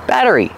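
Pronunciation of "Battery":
In 'battery', the double t sounds like a fast d, and the word ends in a long e sound.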